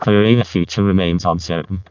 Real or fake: fake